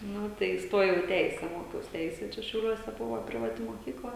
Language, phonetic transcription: Lithuanian, ˈnu tai isˈtojau i ˈteise ˈmokiaus ˈteise ˈčia šiauˈliuose ˈbuvo privaˈti moˈkykla

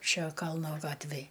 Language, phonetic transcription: Lithuanian, ˈšia ˈkalno ˈgatvėj

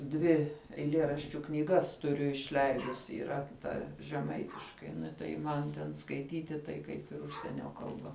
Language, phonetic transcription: Lithuanian, ˈdvi eiˈlėraščiu knyˈgas tuˈriu išˈleidusi yˈra ˈta žeˈmaitiškai tai ˈman ten skaiˈtyti tai ˈkaip ir ˈužsienio kalˈba

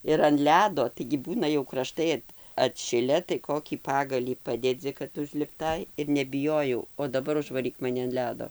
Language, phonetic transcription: Lithuanian, ir an ˈledo taigi ˈbūna jau kraˈštai at atˈšile tai ˈkokį ˈpagalį ˈpadedzi kad užlipˈtai ir nebiˈjojau o daˈbar užvaˈryk maˈni an ˈledo

